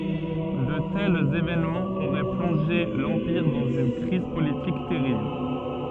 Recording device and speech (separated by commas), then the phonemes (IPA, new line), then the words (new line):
soft in-ear microphone, read sentence
də tɛlz evenmɑ̃z oʁɛ plɔ̃ʒe lɑ̃piʁ dɑ̃z yn kʁiz politik tɛʁibl
De tels événements auraient plongé l'Empire dans une crise politique terrible.